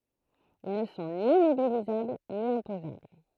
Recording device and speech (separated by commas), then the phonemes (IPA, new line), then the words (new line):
throat microphone, read sentence
il nə sɔ̃ ni mobilizabl ni ɛ̃pozabl
Ils ne sont ni mobilisables ni imposables.